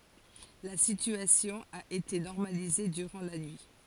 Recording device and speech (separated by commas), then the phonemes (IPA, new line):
forehead accelerometer, read sentence
la sityasjɔ̃ a ete nɔʁmalize dyʁɑ̃ la nyi